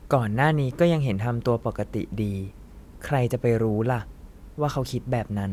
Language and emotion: Thai, frustrated